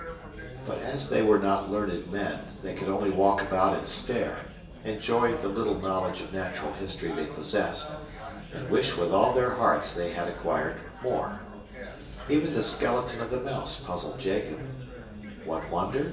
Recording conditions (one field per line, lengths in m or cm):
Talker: one person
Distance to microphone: 1.8 m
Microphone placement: close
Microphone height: 1.0 m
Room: large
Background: babble